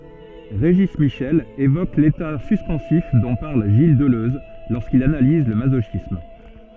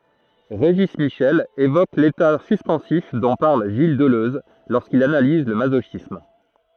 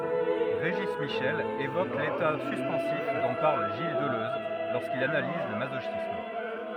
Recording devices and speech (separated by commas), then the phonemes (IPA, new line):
soft in-ear microphone, throat microphone, rigid in-ear microphone, read sentence
ʁeʒi miʃɛl evok leta syspɑ̃sif dɔ̃ paʁl ʒil dəløz loʁskil analiz lə mazoʃism